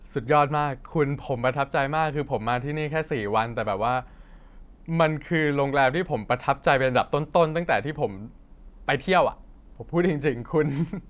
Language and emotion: Thai, happy